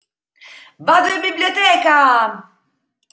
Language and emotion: Italian, happy